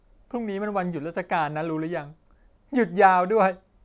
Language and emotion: Thai, sad